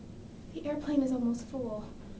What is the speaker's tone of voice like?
fearful